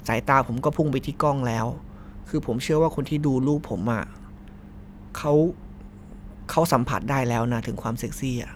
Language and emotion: Thai, frustrated